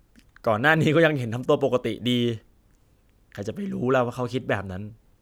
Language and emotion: Thai, sad